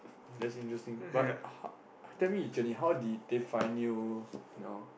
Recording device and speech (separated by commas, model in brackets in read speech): boundary microphone, conversation in the same room